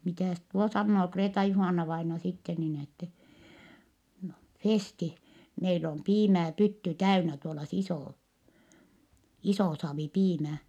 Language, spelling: Finnish, mitäs tuo sanoo Kreeta-Juhanna-vainaja sitten niin että no Festi meillä on piimää pytty täynnä tuolla se iso iso saavi piimää
- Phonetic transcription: mitä̀s tuo sannoo Kreeta-Juhànna-vaina sitte niin ‿ettɛ , » (no,) Festi , meil ‿om piimää pytty täynä tuola s ‿isò , isò saavi piimää .

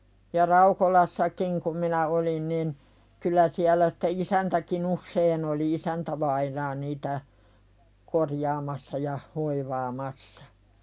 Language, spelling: Finnish, ja Raukolassakin kun minä olin niin kyllä siellä sitten isäntäkin usein oli isäntävainaa niitä korjaamassa ja hoivaamassa
- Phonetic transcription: ja "Raukolassa'kiŋ kum minä 'olin nin , kyl̆lä siäl̆lä sɪtte "isäntäki'n ‿ussein ‿joli "isäntävainaa niitä , "korjaamassa ja 'hoivaamassᴀ .

